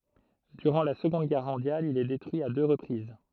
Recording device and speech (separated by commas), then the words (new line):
throat microphone, read sentence
Durant la Seconde Guerre mondiale il est détruit à deux reprises.